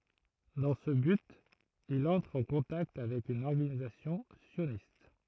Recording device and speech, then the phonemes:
throat microphone, read sentence
dɑ̃ sə byt il ɑ̃tʁ ɑ̃ kɔ̃takt avɛk yn ɔʁɡanizasjɔ̃ sjonist

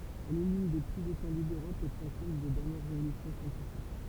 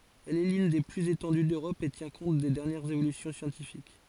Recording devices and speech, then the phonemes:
temple vibration pickup, forehead accelerometer, read sentence
ɛl ɛ lyn de plyz etɑ̃dy døʁɔp e tjɛ̃ kɔ̃t de dɛʁnjɛʁz evolysjɔ̃ sjɑ̃tifik

